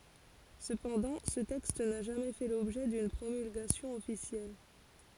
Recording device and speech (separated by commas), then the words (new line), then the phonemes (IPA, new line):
forehead accelerometer, read sentence
Cependant, ce texte n'a jamais fait l'objet d'une promulgation officielle.
səpɑ̃dɑ̃ sə tɛkst na ʒamɛ fɛ lɔbʒɛ dyn pʁomylɡasjɔ̃ ɔfisjɛl